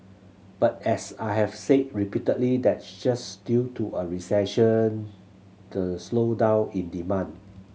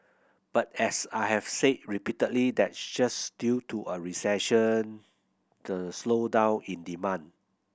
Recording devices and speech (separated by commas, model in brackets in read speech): mobile phone (Samsung C7100), boundary microphone (BM630), read sentence